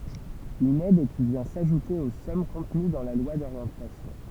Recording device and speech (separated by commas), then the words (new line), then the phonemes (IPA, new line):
temple vibration pickup, read sentence
Une aide qui vient s’ajouter aux sommes contenues dans la loi d’orientation.
yn ɛd ki vjɛ̃ saʒute o sɔm kɔ̃təny dɑ̃ la lwa doʁjɑ̃tasjɔ̃